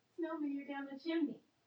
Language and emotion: English, surprised